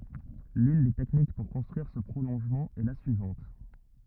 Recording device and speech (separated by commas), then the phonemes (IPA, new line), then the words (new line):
rigid in-ear microphone, read sentence
lyn de tɛknik puʁ kɔ̃stʁyiʁ sə pʁolɔ̃ʒmɑ̃ ɛ la syivɑ̃t
L'une des techniques pour construire ce prolongement est la suivante.